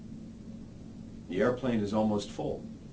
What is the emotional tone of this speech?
neutral